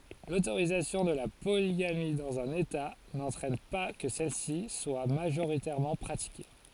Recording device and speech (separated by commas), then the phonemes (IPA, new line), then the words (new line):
forehead accelerometer, read sentence
lotoʁizasjɔ̃ də la poliɡami dɑ̃z œ̃n eta nɑ̃tʁɛn pa kə sɛlsi swa maʒoʁitɛʁmɑ̃ pʁatike
L'autorisation de la polygamie dans un État n'entraîne pas que celle-ci soit majoritairement pratiquée.